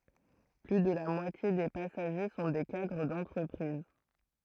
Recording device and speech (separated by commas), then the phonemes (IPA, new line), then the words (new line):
throat microphone, read sentence
ply də la mwatje de pasaʒe sɔ̃ de kadʁ dɑ̃tʁəpʁiz
Plus de la moitié des passagers sont des cadres d'entreprises.